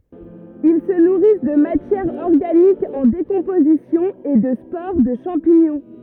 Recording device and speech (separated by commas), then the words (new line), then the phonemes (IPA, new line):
rigid in-ear microphone, read sentence
Ils se nourrissent de matière organique en décomposition et de spores de champignons.
il sə nuʁis də matjɛʁ ɔʁɡanik ɑ̃ dekɔ̃pozisjɔ̃ e də spoʁ də ʃɑ̃piɲɔ̃